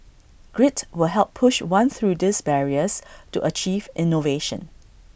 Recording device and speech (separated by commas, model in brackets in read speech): boundary microphone (BM630), read sentence